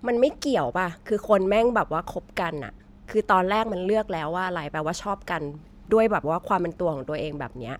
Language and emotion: Thai, frustrated